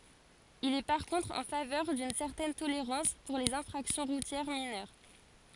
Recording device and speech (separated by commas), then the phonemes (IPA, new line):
forehead accelerometer, read sentence
il ɛ paʁ kɔ̃tʁ ɑ̃ favœʁ dyn sɛʁtɛn toleʁɑ̃s puʁ lez ɛ̃fʁaksjɔ̃ ʁutjɛʁ minœʁ